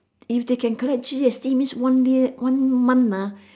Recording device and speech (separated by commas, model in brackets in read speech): standing microphone, conversation in separate rooms